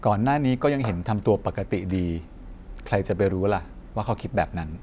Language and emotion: Thai, neutral